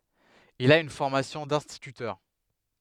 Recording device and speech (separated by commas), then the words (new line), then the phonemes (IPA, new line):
headset microphone, read sentence
Il a une formation d'instituteur.
il a yn fɔʁmasjɔ̃ dɛ̃stitytœʁ